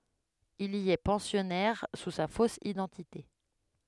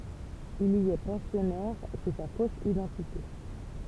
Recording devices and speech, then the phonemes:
headset microphone, temple vibration pickup, read sentence
il i ɛ pɑ̃sjɔnɛʁ su sa fos idɑ̃tite

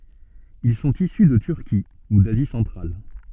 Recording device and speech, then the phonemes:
soft in-ear microphone, read sentence
il sɔ̃t isy də tyʁki u dazi sɑ̃tʁal

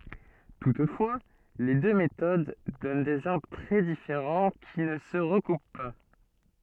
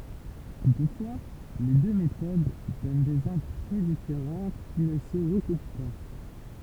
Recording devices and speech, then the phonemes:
soft in-ear microphone, temple vibration pickup, read sentence
tutfwa le dø metod dɔn dez aʁbʁ tʁɛ difeʁɑ̃ ki nə sə ʁəkup pa

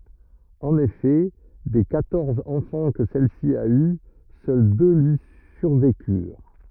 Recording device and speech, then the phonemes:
rigid in-ear microphone, read sentence
ɑ̃n efɛ de kwatɔʁz ɑ̃fɑ̃ kə sɛlsi a y sœl dø lyi syʁvekyʁ

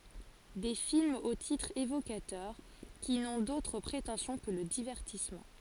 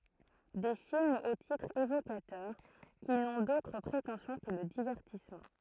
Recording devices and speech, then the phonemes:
forehead accelerometer, throat microphone, read sentence
de filmz o titʁz evokatœʁ ki nɔ̃ dotʁ pʁetɑ̃sjɔ̃ kə lə divɛʁtismɑ̃

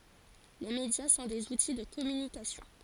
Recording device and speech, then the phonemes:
forehead accelerometer, read sentence
le medja sɔ̃ dez uti də kɔmynikasjɔ̃

